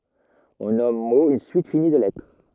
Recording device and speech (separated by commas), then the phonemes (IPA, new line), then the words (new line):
rigid in-ear microphone, read sentence
ɔ̃ nɔm mo yn syit fini də lɛtʁ
On nomme mot une suite finie de lettres.